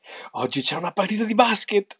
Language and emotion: Italian, happy